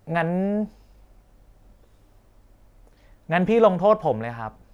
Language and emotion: Thai, frustrated